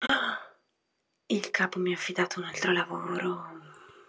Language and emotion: Italian, surprised